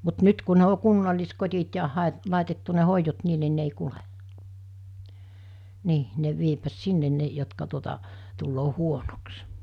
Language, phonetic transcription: Finnish, mut 'nyt ku ne o 'kunnallis'kot̜it ja 'hàe- , 'làitettu ne 'hoijot 'niin ni ne ei 'kule , 'nii , ne viepvät 'sinnen 'ne jotka tuota , tulloo 'huonoks .
- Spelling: mutta nyt kun ne on kunnalliskodit ja - laitettu ne hoidot niin niin ne ei kulje niin ne vievät sinne ne jotka tuota tulee huonoksi

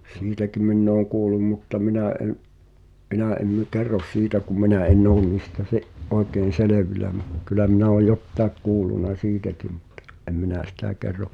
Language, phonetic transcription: Finnish, 'siitäki minn ‿ooŋ 'kuulum mutta 'minä̀ ’en’ , '’minä̀ ’en nʸ- "kerros 'siitä kum mi̬nä en̆'n ‿oon niistä sᵉ̭’- , '’oekeen̬ "selevilä mu- , kylä minä o "jottaek kuulluna 'siitäki muttᴀ , ’em minä̀ 'sitä̀ kerro ,.
- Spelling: siitäkin minä olen kuullut mutta minä en minä en - kerro siitä kun minä en ole niistä - oikein selvillä - kyllä minä olen jotakin kuullut siitäkin mutta en minä sitä kerro

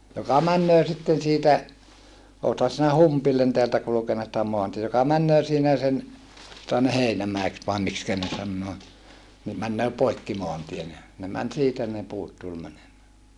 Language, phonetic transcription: Finnish, joka männöö sitten siitä , ootha sinä Humpillen teältä kulᵘkenna sitä moanti joka männöö siinä sen , jᵒta ne Heinämäeks vae mikskä ne sannoo , ni , männöö poikki moantien ja , ne män siitä ne puut tul mänemää .
- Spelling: joka menee sitten siitä olethan sinä Humpille täältä kulkenut sitä maantietä joka menee siinä sen jota ne Heinämäeksi vai miksi ne sanoo niin menee poikki maantien ja ne meni siitä ne puut tuli menemään

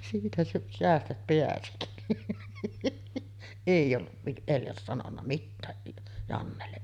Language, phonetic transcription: Finnish, siitä sä- 'seästät 'peäsi. « èij ‿olluv vi-’ , Eljas sanonna 'mittää , Jannelle .
- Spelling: siitä - säästät pääsi ei ollut - Eljas sanonut mitään Jannelle

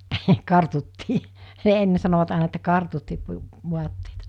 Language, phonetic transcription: Finnish, hə , 'kartuttii , 'enne sanovat àena että 'kartuttii 'vuatteita .
- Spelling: heh kartuttiin ennen sanoivat aina että kartuttiin vaatteita

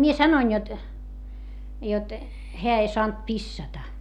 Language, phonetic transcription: Finnish, mie sanoin jot , jot , heä ei soant pissata .
- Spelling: minä sanoin jotta jotta hän ei saanut pissata

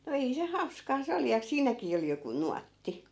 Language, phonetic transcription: Finnish, no 'ei se , "hauskaa 'se oli ja 'siinäkii ol 'joku "nuatti .
- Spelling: no ei se hauskaa se oli ja siinäkin oli joku nuotti

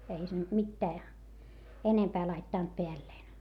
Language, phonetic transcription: Finnish, ei se nyt mittää , enempää laittànt peälleen .
- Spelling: ei se nyt mitään enempää laittanut päälleen

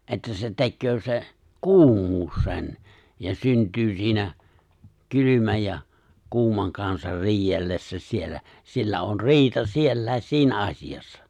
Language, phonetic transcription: Finnish, '’että se̬ 'te̬kköö se̬ , "kuum̀uus sen , ja 'synt̀y 'siinä , 'kylymäj ja , 'kuumaŋ kansar 'riij̆jellessä siellä , 'siellä on "ri̬ita 'siellä̀i̬s 'siinä 'asiʲassa .
- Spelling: että se tekee se kuumuus sen ja syntyy siinä kylmän ja kuuman kanssa riidellessä siellä siellä on riita sielläkin siinä asiassa

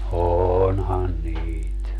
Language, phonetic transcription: Finnish, "oonhan 'niit .
- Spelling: onhan niitä

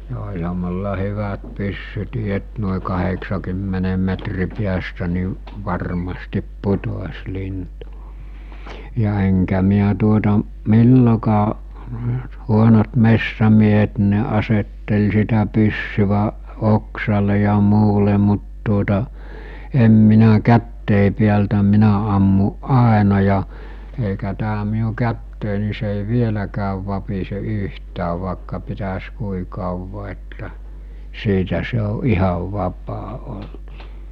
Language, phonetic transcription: Finnish, ja oĺha mulla 'hyvät 'pyssytii et nòe 'kaheksakymmenem metri piästä ni , 'varmastip 'putos 'lintu , ja eŋkä miä tuota , 'millokaa , 'huonot 'messämiehet nᴵ ne 'asettel sitä pyssyväˀ , 'oksale ja 'muule mut tuota , em minä 'kättèi piältä 'minä ammuˀ "ˀàena ja , eikä tää miu 'kättèi ni se ‿ei 'vieläkääv vapise 'yhtäv̀ vàekka pitäs 'kui 'kàuva että , 'siitä se o 'ihav 'vap̀aa ol[lut] .
- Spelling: ja olihan minulla hyvät pyssytkin että noin kahdeksakymmenen metrin päästä niin varmasti putosi lintu ja enkä minä tuota milloinkaan huonot metsämiehet niin ne asetteli sitä pyssyä oksalle ja muualle mutta tuota en minä käsieni päältä minä ammuin aina ja eikä tämä minun käteni niin se ei vieläkään vapise yhtään vaikka pitäisi kuinka kauan että siitä se on ihan vapaa ollut

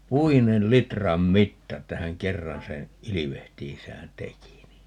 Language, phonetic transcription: Finnish, "'puinel 'litram "mitta että 'häŋ "kerran seè , 'ilivehtiisään "teki ni ,.
- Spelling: puinen litran mitta että hän kerran sen ilvehtiessään teki niin

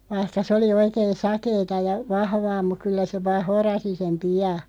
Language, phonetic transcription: Finnish, 'vaihka s ‿oli 'oikeen̬ "sakeeta ja , 'vahvaa muᵏ 'kyllä se 'vaaʰ "horasi sem "pi₍a .
- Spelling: vaikka se oli oikein sakeata ja vahvaa mutta kyllä se vain horasi sen pian

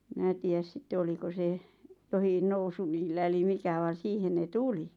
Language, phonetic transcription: Finnish, 'minä tii₍äs 'sitte 'oliko se , johin 'nousu niillä eli 'mikä vàn̬ 'siihen ne "tuli .
- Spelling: minä tiedä sitten oliko se jokin nousu niillä eli mikä vaan siihen ne tuli

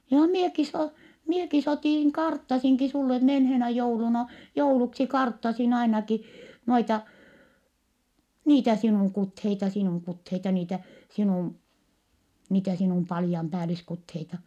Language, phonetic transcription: Finnish, » joha mieki s ‿oo , mieki s ‿otìŋ , karttasiŋki sulle menheenä jouluna , jouluksi karttasin ‿ainaki , noita , niitä sinùŋ kutheita , sinùŋ kutheita niitä , sinùm , niitä sinùm palⁱjampääliskutheita . »
- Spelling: johan minäkin se olen minäkin se otin karttasinkin sinulle menneenä jouluna jouluksi karttasin ainakin noita niitä sinun kuteita sinun kuteita niitä sinun niitä sinun patjanpäälliskuteita

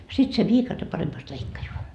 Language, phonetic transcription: Finnish, sit se "viikate paremmast 'leikkajoa .
- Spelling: sitten se viikate paremmasti leikkaa

